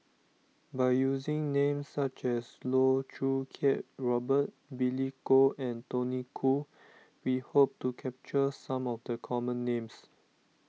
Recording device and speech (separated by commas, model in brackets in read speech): mobile phone (iPhone 6), read sentence